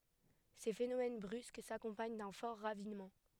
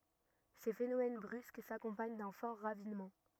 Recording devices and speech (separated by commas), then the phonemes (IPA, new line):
headset microphone, rigid in-ear microphone, read sentence
se fenomɛn bʁysk sakɔ̃paɲ dœ̃ fɔʁ ʁavinmɑ̃